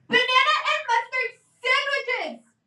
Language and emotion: English, angry